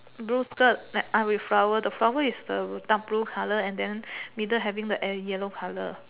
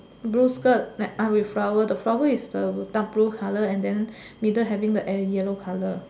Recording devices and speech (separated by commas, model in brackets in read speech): telephone, standing microphone, conversation in separate rooms